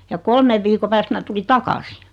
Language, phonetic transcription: Finnish, ja 'kolmev viiko pääst 'mä tuli "takasi .
- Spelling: ja kolmen viikon päästä minä tulin takaisin

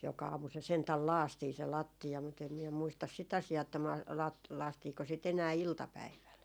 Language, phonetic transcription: Finnish, 'joka 'aamu se sentäl "laastii se 'latti₍a mut ‿em miɛ muistas si't ‿"asi₍aa että ma- , la- , 'laastiiko sit enää "iltapäiväl .
- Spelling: joka aamu se sentään lakaistiin se lattia mutta en minä muista sitä asiaa että - - lakaistiinko sitä enää iltapäivällä

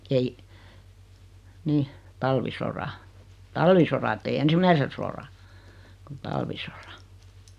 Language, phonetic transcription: Finnish, 'ei , 'nih , 'talvisora , "talvisora ettei "ensim̆mäise sora , kut 'talvisorᴀ .
- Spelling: ei niin talvisodan talvisodan että ei ensimmäisen sodan kun talvisodan

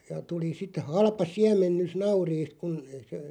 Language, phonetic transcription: Finnish, ja 'tuli sit 'halpa "siäm̆mennys "nauriist kun (se) ,.
- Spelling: ja tuli sitten halpa siemennys nauriista kun se

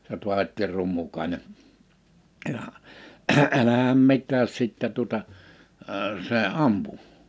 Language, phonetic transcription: Finnish, se ‿o(l) 'Tu̬avetti 'Rummukaḙne , ja , 'ɛlähäm 'mit̆tääs 'sittɛ tuᵒta , əə 'see "’ampu .
- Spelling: se oli Taavetti Rummukainen ja älähän mitään sitten tuota - se ampui

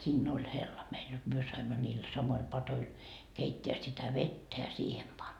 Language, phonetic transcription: Finnish, 'siinn ‿oĺ 'hella meil jot 'myö saimma niil 'samoil 'patoil , 'keitteä sitä "vettä ja siihem pan .
- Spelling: siinä oli hella meillä jotta me saimme niillä samoilla padoilla keittää sitä vettä ja siihen panna

